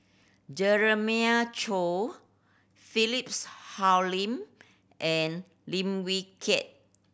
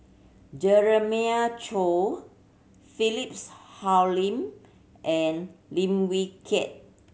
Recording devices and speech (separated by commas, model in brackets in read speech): boundary microphone (BM630), mobile phone (Samsung C7100), read sentence